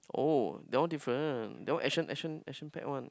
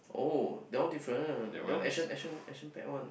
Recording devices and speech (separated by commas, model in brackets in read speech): close-talking microphone, boundary microphone, conversation in the same room